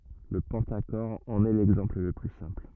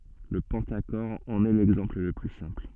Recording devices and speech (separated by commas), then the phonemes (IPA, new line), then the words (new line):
rigid in-ear microphone, soft in-ear microphone, read sentence
lə pɑ̃taʃɔʁ ɑ̃n ɛ lɛɡzɑ̃pl lə ply sɛ̃pl
Le pentachore en est l'exemple le plus simple.